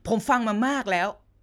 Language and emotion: Thai, angry